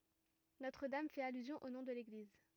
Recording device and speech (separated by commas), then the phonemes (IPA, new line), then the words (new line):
rigid in-ear microphone, read sentence
notʁ dam fɛt alyzjɔ̃ o nɔ̃ də leɡliz
Notre-Dame fait allusion au nom de l'église.